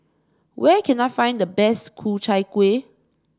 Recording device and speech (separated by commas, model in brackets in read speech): standing microphone (AKG C214), read sentence